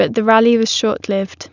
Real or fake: real